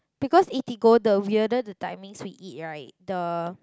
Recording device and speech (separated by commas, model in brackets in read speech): close-talking microphone, conversation in the same room